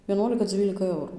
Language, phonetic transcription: Lithuanian, vieˈnuolika ˈdzylika ˈeurų

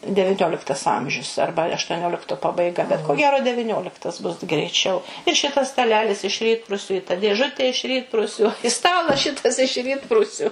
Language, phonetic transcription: Lithuanian, deviˈnioliktas ˈamžius ˈarba aštuoˈniolikto pabaiˈga bet ko ˈgero deviˈnioliktas bus greiˈčiau ir ˈšitas staˈlelis iš ˈrytprusiu i ta dėˈžutė iš ˈrytprusiu i ˈstalas ˈšitas iš ˈrytprusiu

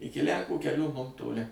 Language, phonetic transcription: Lithuanian, ˈiki lˈænkų keˈlių mum toˈli

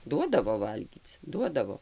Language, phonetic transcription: Lithuanian, ˈduodavo ˈvalgyc ˈduodavo

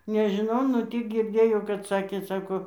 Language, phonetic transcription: Lithuanian, nežiˈnau nu ˈtį girˈdėjau kad ˈsakė ˈsako

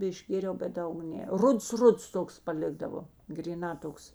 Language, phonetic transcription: Lithuanian, išˈgėriau bet ˈdaug ˈne ˈruds ˈruds ˈtoks paˈlikdavo gryˈnā ˈtoks

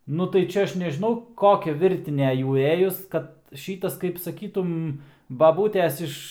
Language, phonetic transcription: Lithuanian, ˈnu tai ˈčia ˈaš nežiˈnau ˈkokia ˈvirtinė ˈjų ˈėjus ˈkad ˈšytas kaip saˈkytum baˈbūtės ˈiš

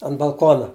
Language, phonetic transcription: Lithuanian, an balˈkona

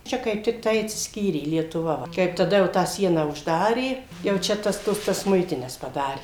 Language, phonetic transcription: Lithuanian, ˈčia kaip tikˈtai atsisˈkyrė lietuˈva ˈva ˈkaip taˈda jau ˈtą ˈsieną užˈdarė jau ˈčia ˈtas ˈtuos tas ˈmuitines paˈdarė

